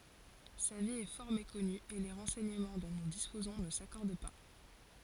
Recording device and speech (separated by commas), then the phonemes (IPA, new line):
forehead accelerometer, read sentence
sa vi ɛ fɔʁ mekɔny e le ʁɑ̃sɛɲəmɑ̃ dɔ̃ nu dispozɔ̃ nə sakɔʁd pa